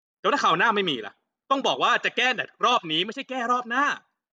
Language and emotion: Thai, angry